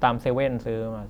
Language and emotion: Thai, neutral